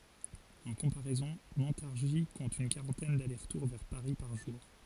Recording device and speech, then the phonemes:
forehead accelerometer, read sentence
ɑ̃ kɔ̃paʁɛzɔ̃ mɔ̃taʁʒi kɔ̃t yn kaʁɑ̃tɛn dalɛʁsʁtuʁ vɛʁ paʁi paʁ ʒuʁ

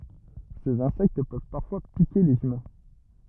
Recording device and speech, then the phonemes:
rigid in-ear microphone, read sentence
sez ɛ̃sɛkt pøv paʁfwa pike lez ymɛ̃

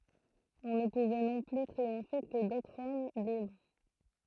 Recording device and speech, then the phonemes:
throat microphone, read sentence
ɔ̃ nə puvɛ nɔ̃ ply tʁiɔ̃fe kə dotʁz ɔm libʁ

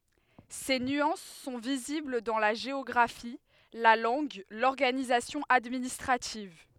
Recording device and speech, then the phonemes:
headset microphone, read sentence
se nyɑ̃s sɔ̃ vizibl dɑ̃ la ʒeɔɡʁafi la lɑ̃ɡ lɔʁɡanizasjɔ̃ administʁativ

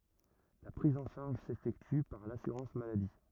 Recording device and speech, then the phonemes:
rigid in-ear microphone, read sentence
la pʁiz ɑ̃ ʃaʁʒ sefɛkty paʁ lasyʁɑ̃s maladi

